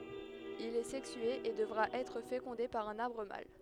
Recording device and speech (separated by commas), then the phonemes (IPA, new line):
headset microphone, read sentence
il ɛ sɛksye e dəvʁa ɛtʁ fekɔ̃de paʁ œ̃n aʁbʁ mal